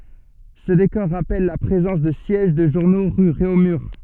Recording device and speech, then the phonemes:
soft in-ear microphone, read sentence
sə dekɔʁ ʁapɛl la pʁezɑ̃s də sjɛʒ də ʒuʁno ʁy ʁeomyʁ

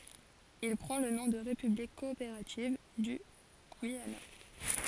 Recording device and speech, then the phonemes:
forehead accelerometer, read sentence
il pʁɑ̃ lə nɔ̃ də ʁepyblik kɔopeʁativ dy ɡyijana

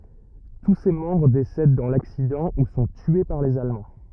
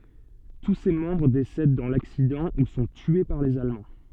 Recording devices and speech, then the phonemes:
rigid in-ear microphone, soft in-ear microphone, read sentence
tu se mɑ̃bʁ desɛd dɑ̃ laksidɑ̃ u sɔ̃ tye paʁ lez almɑ̃

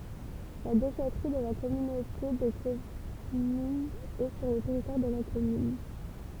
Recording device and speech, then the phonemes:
temple vibration pickup, read sentence
la deʃɛtʁi də la kɔmynote də kɔmyn ɛ syʁ lə tɛʁitwaʁ də la kɔmyn

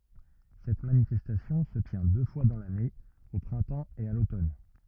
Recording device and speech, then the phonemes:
rigid in-ear microphone, read sentence
sɛt manifɛstasjɔ̃ sə tjɛ̃ dø fwa dɑ̃ lane o pʁɛ̃tɑ̃ e a lotɔn

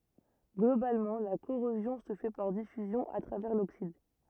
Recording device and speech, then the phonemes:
rigid in-ear microphone, read sentence
ɡlobalmɑ̃ la koʁozjɔ̃ sə fɛ paʁ difyzjɔ̃ a tʁavɛʁ loksid

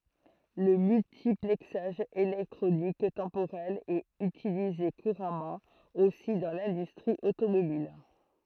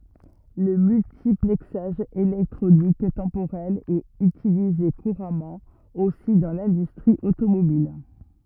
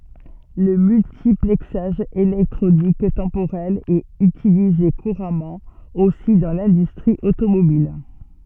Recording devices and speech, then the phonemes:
throat microphone, rigid in-ear microphone, soft in-ear microphone, read sentence
lə myltiplɛksaʒ elɛktʁonik tɑ̃poʁɛl ɛt ytilize kuʁamɑ̃ osi dɑ̃ lɛ̃dystʁi otomobil

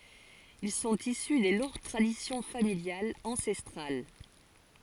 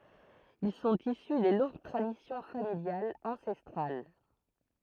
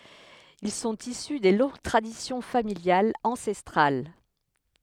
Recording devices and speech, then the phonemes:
forehead accelerometer, throat microphone, headset microphone, read sentence
il sɔ̃t isy de lɔ̃ɡ tʁadisjɔ̃ familjalz ɑ̃sɛstʁal

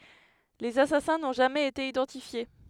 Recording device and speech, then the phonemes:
headset microphone, read sentence
lez asasɛ̃ nɔ̃ ʒamɛz ete idɑ̃tifje

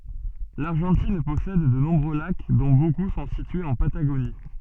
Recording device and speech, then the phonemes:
soft in-ear microphone, read sentence
laʁʒɑ̃tin pɔsɛd də nɔ̃bʁø lak dɔ̃ boku sɔ̃ sityez ɑ̃ pataɡoni

